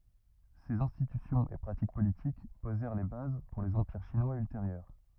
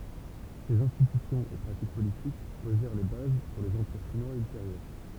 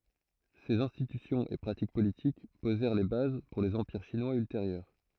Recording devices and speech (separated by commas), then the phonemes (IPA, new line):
rigid in-ear microphone, temple vibration pickup, throat microphone, read sentence
sez ɛ̃stitysjɔ̃z e pʁatik politik pozɛʁ le baz puʁ lez ɑ̃piʁ ʃinwaz ylteʁjœʁ